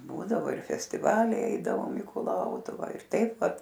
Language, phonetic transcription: Lithuanian, ˈbūdavo ir festiˈvaliai ˈeidavom į kuˈlautuvą ir ˈtaip ˈvat

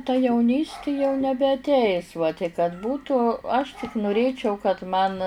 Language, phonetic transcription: Lithuanian, ta jauˈnysti jau nebeatˈeis va tik kad ˈbūtų aš tik nuˈrėčiau kad man

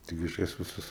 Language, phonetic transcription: Lithuanian, ˈtigi aš ˈjas viˈsas

